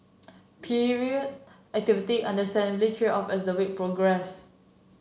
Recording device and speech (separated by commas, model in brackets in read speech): mobile phone (Samsung C7), read sentence